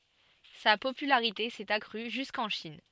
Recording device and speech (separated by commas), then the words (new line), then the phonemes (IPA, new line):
soft in-ear microphone, read sentence
Sa popularité s'est accrue jusqu'en Chine.
sa popylaʁite sɛt akʁy ʒyskɑ̃ ʃin